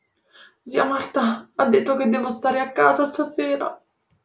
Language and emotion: Italian, sad